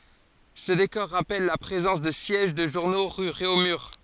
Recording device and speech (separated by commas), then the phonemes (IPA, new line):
forehead accelerometer, read sentence
sə dekɔʁ ʁapɛl la pʁezɑ̃s də sjɛʒ də ʒuʁno ʁy ʁeomyʁ